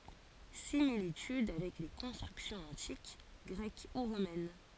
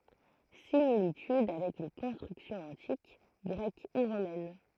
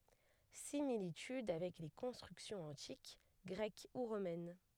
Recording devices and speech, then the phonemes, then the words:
forehead accelerometer, throat microphone, headset microphone, read sentence
similityd avɛk le kɔ̃stʁyksjɔ̃z ɑ̃tik ɡʁɛk u ʁomɛn
Similitudes avec les constructions antiques, grecques ou romaines.

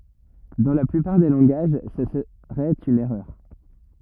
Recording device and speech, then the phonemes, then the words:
rigid in-ear microphone, read sentence
dɑ̃ la plypaʁ de lɑ̃ɡaʒ sə səʁɛt yn ɛʁœʁ
Dans la plupart des langages, ce serait une erreur.

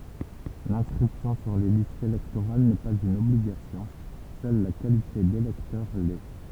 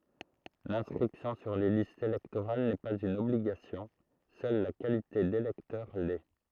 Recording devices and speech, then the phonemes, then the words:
temple vibration pickup, throat microphone, read sentence
lɛ̃skʁipsjɔ̃ syʁ le listz elɛktoʁal nɛ paz yn ɔbliɡasjɔ̃ sœl la kalite delɛktœʁ lɛ
L'inscription sur les listes électorales n'est pas une obligation, seule la qualité d'électeur l'est.

